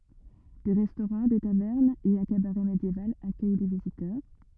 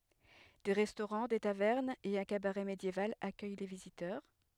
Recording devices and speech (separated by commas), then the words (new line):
rigid in-ear microphone, headset microphone, read sentence
Des restaurants, des tavernes et un cabaret médiéval accueillent les visiteurs.